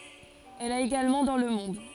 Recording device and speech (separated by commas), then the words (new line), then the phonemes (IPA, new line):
forehead accelerometer, read sentence
Elle a également dans le monde.
ɛl a eɡalmɑ̃ dɑ̃ lə mɔ̃d